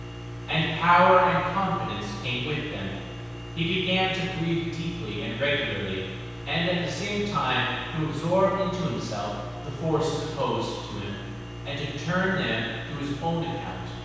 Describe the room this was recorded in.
A large, very reverberant room.